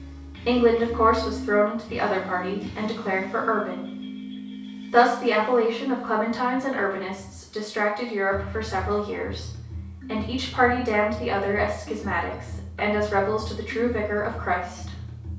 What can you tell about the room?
A compact room (about 3.7 m by 2.7 m).